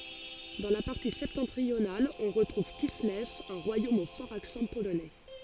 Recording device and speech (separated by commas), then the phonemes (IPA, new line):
forehead accelerometer, read sentence
dɑ̃ la paʁti sɛptɑ̃tʁional ɔ̃ ʁətʁuv kislɛv œ̃ ʁwajom o fɔʁz aksɑ̃ polonɛ